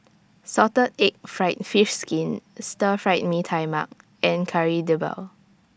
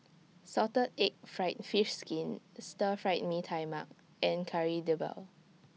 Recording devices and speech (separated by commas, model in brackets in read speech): standing microphone (AKG C214), mobile phone (iPhone 6), read sentence